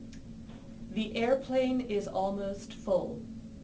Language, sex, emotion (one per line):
English
female
neutral